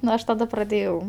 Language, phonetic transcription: Lithuanian, nu ˈaš taˈda praˈdėjau

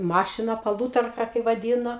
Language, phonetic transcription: Lithuanian, ˈmašiną paˈlūtarka kai vaˈdyno

